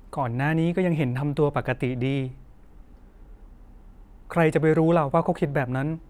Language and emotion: Thai, sad